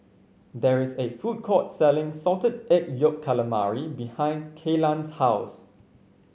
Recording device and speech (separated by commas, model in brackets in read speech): mobile phone (Samsung C5), read sentence